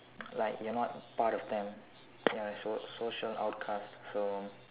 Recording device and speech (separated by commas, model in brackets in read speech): telephone, conversation in separate rooms